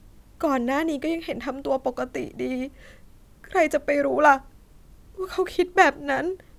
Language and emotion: Thai, sad